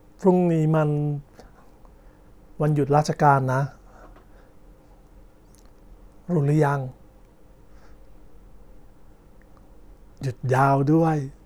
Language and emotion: Thai, frustrated